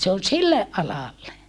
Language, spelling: Finnish, se on sille alalle
- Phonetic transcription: se on silleʼ ʼalalle .

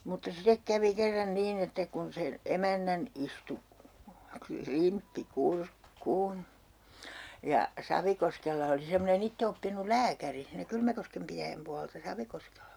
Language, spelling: Finnish, mutta sitten kävi kerran niin että kun sen emännän istui klimppi kurkkuun ja Savikoskella oli semmoinen itseoppinut lääkäri siinä Kylmäkosken pitäjän puolta Savikoskella
- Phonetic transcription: mutta 'sitek kävi 'kerran 'niin ‿että kun 'sen , "emännän 'istu , "klimppi "kurkkuun , ja 'Savikoskella oli semmone'n ‿itte₍oppinul̆ "lääkäri , siinä 'Kylmäkoskem pitäjäm 'pualta "Savikoskella .

